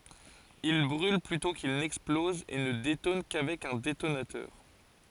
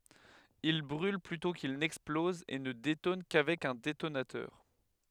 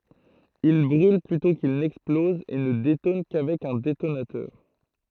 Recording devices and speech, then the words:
forehead accelerometer, headset microphone, throat microphone, read sentence
Il brûle plutôt qu'il n'explose et ne détonne qu’avec un détonateur.

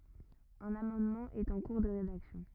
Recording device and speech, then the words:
rigid in-ear microphone, read sentence
Un amendement est en cours de rédaction.

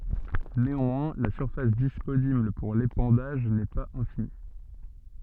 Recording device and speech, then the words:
soft in-ear microphone, read sentence
Néanmoins, la surface disponible pour l'épandage n'est pas infinie.

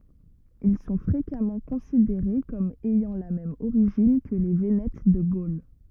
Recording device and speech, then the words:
rigid in-ear microphone, read sentence
Ils sont fréquemment considérés comme ayant la même origine que les Vénètes de Gaule.

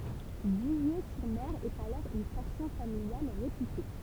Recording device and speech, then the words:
temple vibration pickup, read sentence
Villers-sur-Mer est alors une station familiale réputée.

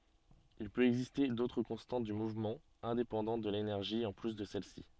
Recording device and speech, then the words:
soft in-ear microphone, read sentence
Il peut exister d'autres constantes du mouvement indépendantes de l'énergie en plus de celle-ci.

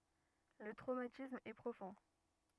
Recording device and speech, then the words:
rigid in-ear microphone, read sentence
Le traumatisme est profond.

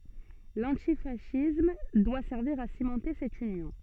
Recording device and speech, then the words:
soft in-ear microphone, read sentence
L'antifascisme doit servir à cimenter cette union.

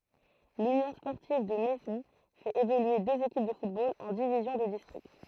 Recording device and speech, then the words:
throat microphone, read sentence
L'Union sportive de Maisons fait évoluer deux équipes de football en divisions de district.

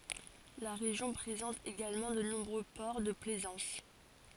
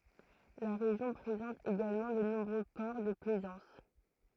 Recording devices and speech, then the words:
forehead accelerometer, throat microphone, read sentence
La région présente également de nombreux ports de plaisance.

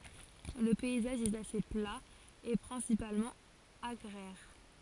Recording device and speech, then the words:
forehead accelerometer, read sentence
Le paysage est assez plat et principalement agraire.

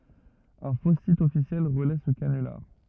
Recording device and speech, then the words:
rigid in-ear microphone, read sentence
Un faux site officiel relaie ce canular.

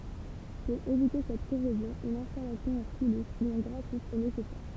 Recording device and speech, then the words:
temple vibration pickup, read sentence
Pour éviter cette corrosion, une installation en silice ou en graphite est nécessaire.

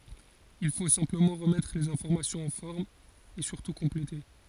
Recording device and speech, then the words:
forehead accelerometer, read sentence
Il faut simplement remettre les informations en forme, et surtout compléter.

